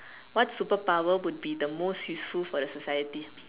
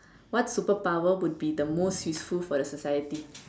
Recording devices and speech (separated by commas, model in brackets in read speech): telephone, standing microphone, conversation in separate rooms